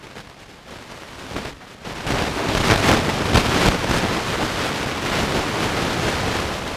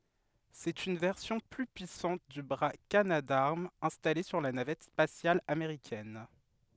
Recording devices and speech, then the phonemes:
forehead accelerometer, headset microphone, read sentence
sɛt yn vɛʁsjɔ̃ ply pyisɑ̃t dy bʁa kanadaʁm ɛ̃stale syʁ la navɛt spasjal ameʁikɛn

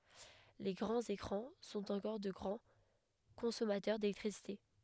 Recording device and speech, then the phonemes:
headset microphone, read sentence
le ɡʁɑ̃z ekʁɑ̃ sɔ̃t ɑ̃kɔʁ də ɡʁɑ̃ kɔ̃sɔmatœʁ delɛktʁisite

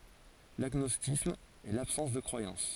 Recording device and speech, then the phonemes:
forehead accelerometer, read sentence
laɡnɔstisism ɛ labsɑ̃s də kʁwajɑ̃s

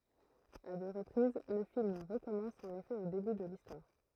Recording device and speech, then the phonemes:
throat microphone, read sentence
a dø ʁəpʁiz lə film ʁəkɔmɑ̃s ɑ̃n efɛ o deby də listwaʁ

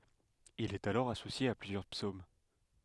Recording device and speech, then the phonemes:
headset microphone, read sentence
il ɛt alɔʁ asosje a plyzjœʁ psom

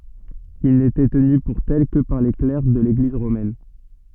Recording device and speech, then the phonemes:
soft in-ear microphone, read sentence
il netɛ təny puʁ tɛl kə paʁ le klɛʁ də leɡliz ʁomɛn

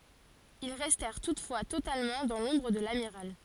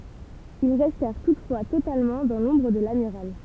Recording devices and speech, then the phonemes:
forehead accelerometer, temple vibration pickup, read sentence
il ʁɛstɛʁ tutfwa totalmɑ̃ dɑ̃ lɔ̃bʁ də lamiʁal

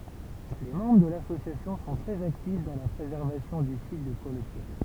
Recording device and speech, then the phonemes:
temple vibration pickup, read sentence
le mɑ̃bʁ də lasosjasjɔ̃ sɔ̃ tʁɛz aktif dɑ̃ la pʁezɛʁvasjɔ̃ dy sit də kɔltjɛʁ

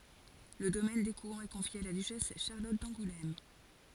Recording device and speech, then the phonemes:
forehead accelerometer, read sentence
lə domɛn dekwɛ̃ ɛ kɔ̃fje a la dyʃɛs ʃaʁlɔt dɑ̃ɡulɛm

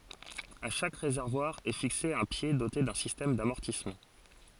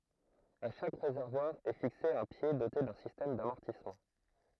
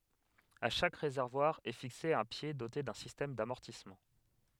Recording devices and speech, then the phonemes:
forehead accelerometer, throat microphone, headset microphone, read sentence
a ʃak ʁezɛʁvwaʁ ɛ fikse œ̃ pje dote dœ̃ sistɛm damɔʁtismɑ̃

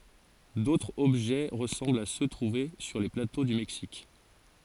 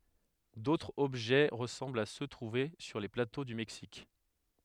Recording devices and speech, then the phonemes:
forehead accelerometer, headset microphone, read sentence
dotʁz ɔbʒɛ ʁəsɑ̃blt a sø tʁuve syʁ le plato dy mɛksik

